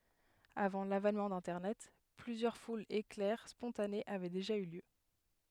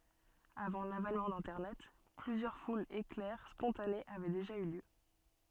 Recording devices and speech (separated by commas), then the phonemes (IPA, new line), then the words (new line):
headset microphone, soft in-ear microphone, read sentence
avɑ̃ lavɛnmɑ̃ dɛ̃tɛʁnɛt plyzjœʁ fulz eklɛʁ spɔ̃tanez avɛ deʒa y ljø
Avant l’avènement d’Internet, plusieurs foules éclair spontanées avaient déjà eu lieu.